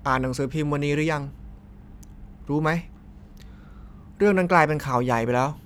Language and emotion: Thai, neutral